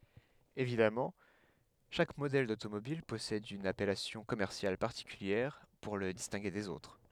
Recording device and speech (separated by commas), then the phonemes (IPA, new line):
headset microphone, read sentence
evidamɑ̃ ʃak modɛl dotomobil pɔsɛd yn apɛlasjɔ̃ kɔmɛʁsjal paʁtikyljɛʁ puʁ lə distɛ̃ɡe dez otʁ